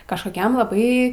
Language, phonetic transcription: Lithuanian, kažˈkokiam laˈbai

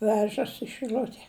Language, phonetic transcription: Lithuanian, ˈvežas i šɨˈliute

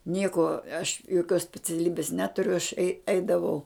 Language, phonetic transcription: Lithuanian, ˈnieko aš joˈkios speciaˈlybis ˈneturiu aš ei ˈeidavau

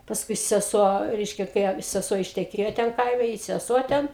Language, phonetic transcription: Lithuanian, pasˈkui seˈsuo ˈreiškia kai a seˈsuo išteˈkėjo ˈten ˈkaime i seˈsuo ˈten

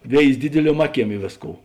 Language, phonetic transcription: Lithuanian, ˈvėizi ˈdidiliuom ˈaˌkiem ˈi vėsˌkou

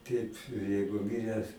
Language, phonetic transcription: Lithuanian, ˈteip ˈjeigu ˈmiręs

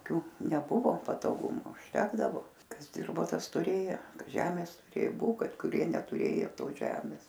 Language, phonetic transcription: Lithuanian, ˈkių neˈbuvo patoˈgumu užˈtekdavo ˈkas ˈdirbo ˈtas tuˈrėjo ˈžemės tuˈrė ˈbu ˈkad kuˈrie netuˈrėjo ˈtos žemis

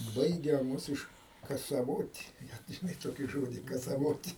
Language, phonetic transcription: Lithuanian, ˈbaigia ˈmus iš kasaˈvot' žiˈnai ˈtokį ˈžodį kasaˈvot'

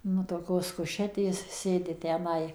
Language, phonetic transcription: Lithuanian, nu toˈkios kuˈšetės ˈsėdi tęˈnai

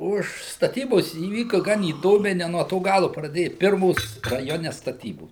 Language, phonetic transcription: Lithuanian, ˈuž staˈtybos įˈvyka ˈgan įˈdomiai ne nuo ˈto ˈgalu praˈdėja ˈpirmos raˈjone staˈtybos

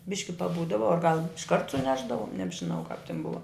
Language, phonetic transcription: Lithuanian, ˈbiški paˈbūdava ar gal išˈkart suˈnešdavom nebžiˈnau kap tin ˈbuva

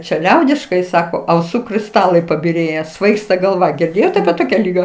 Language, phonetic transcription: Lithuanian, čia ˈliaudiškai ˈsako auˈsų krisˈtalai pabiˈrėję ˈsvaigsta galˈva girˈdėjot apie ˈtokia ˈlyga

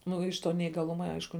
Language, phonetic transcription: Lithuanian, ˈnu iš ˈto neįgaˈluma ˈaišku

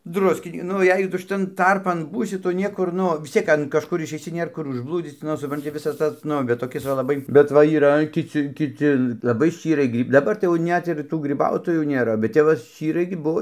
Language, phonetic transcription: Lithuanian, ˈdruski ˈnu ˈjei tu šiˈtan ˈtarpan ˈbūsi ˈtu ˈniekur ˈnu vis ˈciek an kažˈkur išeiˈsi ˈnėr ˈkur užˈblūdzyc ˈnu supranˈti ˈvisas ˈtas ˈnu bet toˈkis va laˈbai bet ˈva yˈra kiˈci kiˈci laˈbai ˈščyrai ˈgry daˈbar tai jau ˈnet ir ˈtų griˈbautojų nėˈra bet ˈtep va ˈščyrai gi ˈbuo

